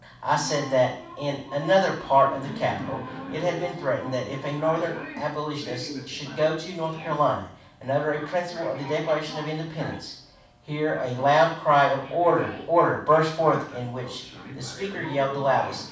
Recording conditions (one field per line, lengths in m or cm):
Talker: one person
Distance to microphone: 5.8 m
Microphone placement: far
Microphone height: 1.8 m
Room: medium-sized (5.7 m by 4.0 m)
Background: television